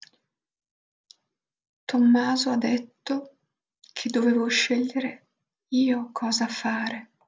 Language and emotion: Italian, sad